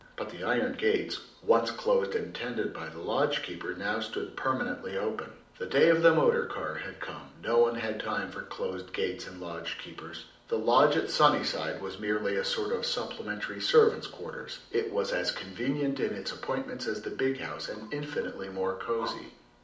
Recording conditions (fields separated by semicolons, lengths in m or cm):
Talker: one person; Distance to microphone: 2.0 m; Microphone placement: close; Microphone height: 99 cm; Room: medium-sized (5.7 m by 4.0 m); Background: none